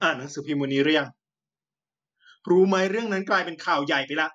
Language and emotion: Thai, frustrated